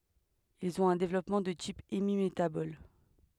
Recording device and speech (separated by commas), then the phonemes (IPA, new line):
headset microphone, read sentence
ilz ɔ̃t œ̃ devlɔpmɑ̃ də tip emimetabɔl